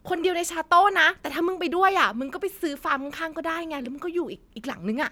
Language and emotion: Thai, happy